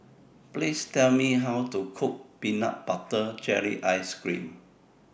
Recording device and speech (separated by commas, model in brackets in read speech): boundary microphone (BM630), read sentence